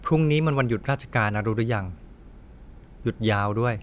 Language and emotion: Thai, frustrated